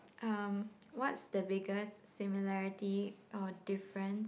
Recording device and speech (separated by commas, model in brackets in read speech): boundary microphone, conversation in the same room